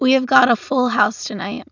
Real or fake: real